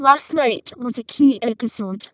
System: VC, vocoder